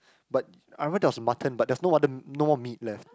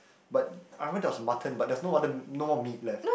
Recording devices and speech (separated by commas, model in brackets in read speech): close-talking microphone, boundary microphone, conversation in the same room